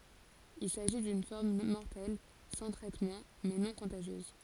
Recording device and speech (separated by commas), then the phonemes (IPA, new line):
forehead accelerometer, read sentence
il saʒi dyn fɔʁm mɔʁtɛl sɑ̃ tʁɛtmɑ̃ mɛ nɔ̃ kɔ̃taʒjøz